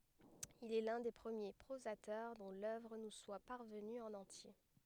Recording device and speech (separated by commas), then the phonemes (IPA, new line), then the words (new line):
headset microphone, read sentence
il ɛ lœ̃ de pʁəmje pʁozatœʁ dɔ̃ lœvʁ nu swa paʁvəny ɑ̃n ɑ̃tje
Il est l’un des premiers prosateurs dont l'œuvre nous soit parvenue en entier.